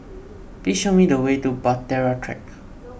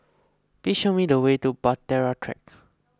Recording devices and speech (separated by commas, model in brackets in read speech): boundary microphone (BM630), close-talking microphone (WH20), read sentence